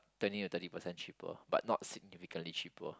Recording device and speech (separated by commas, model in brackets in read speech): close-talking microphone, conversation in the same room